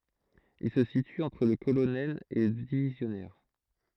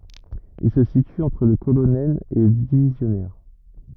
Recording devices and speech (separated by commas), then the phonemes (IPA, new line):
throat microphone, rigid in-ear microphone, read sentence
il sə sity ɑ̃tʁ lə kolonɛl e lə divizjɔnɛʁ